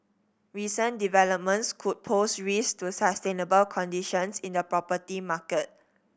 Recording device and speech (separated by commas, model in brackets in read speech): boundary microphone (BM630), read sentence